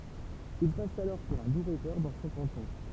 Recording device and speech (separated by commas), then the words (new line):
temple vibration pickup, read sentence
Il passe alors pour un doux rêveur dans son canton.